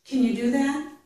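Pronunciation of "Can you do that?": In 'Can you do that?', the word 'can' is said with a reduced vowel, not the full a vowel.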